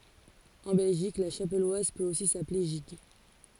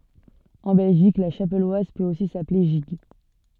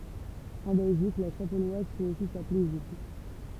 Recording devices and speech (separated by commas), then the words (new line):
forehead accelerometer, soft in-ear microphone, temple vibration pickup, read sentence
En Belgique, la chapelloise peut aussi s'appeler gigue.